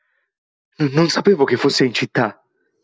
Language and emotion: Italian, fearful